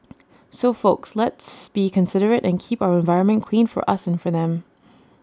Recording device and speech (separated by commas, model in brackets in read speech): standing microphone (AKG C214), read sentence